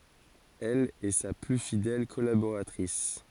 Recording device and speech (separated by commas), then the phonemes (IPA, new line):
forehead accelerometer, read sentence
ɛl ɛ sa ply fidɛl kɔlaboʁatʁis